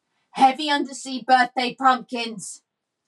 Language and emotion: English, angry